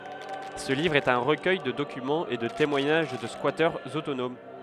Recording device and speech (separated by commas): headset microphone, read sentence